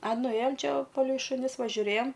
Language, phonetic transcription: Lithuanian, a nuˈėjom ˈčia ˈva palei šuˈnis va žiuˈrėjom

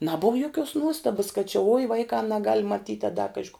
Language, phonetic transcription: Lithuanian, ˈnabuv joˈkiuos ˈnuostabas kad či ui ˈvaikā naˈgal' maˈtyt' a da ˈkaži ko

